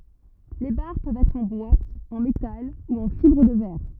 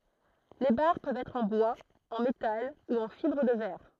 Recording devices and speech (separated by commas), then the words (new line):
rigid in-ear microphone, throat microphone, read sentence
Les barres peuvent être en bois, en métal ou en fibre de verre.